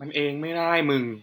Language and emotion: Thai, frustrated